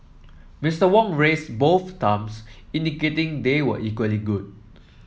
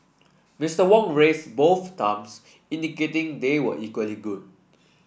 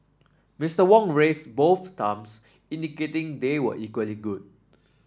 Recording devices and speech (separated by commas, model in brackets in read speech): mobile phone (iPhone 7), boundary microphone (BM630), standing microphone (AKG C214), read sentence